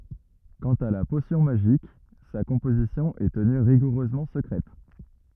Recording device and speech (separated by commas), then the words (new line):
rigid in-ear microphone, read sentence
Quant à la potion magique, sa composition est tenue rigoureusement secrète.